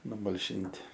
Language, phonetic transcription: Lithuanian, numalˈšinti

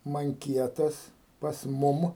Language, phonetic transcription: Lithuanian, manˈkietas pas ˈmum

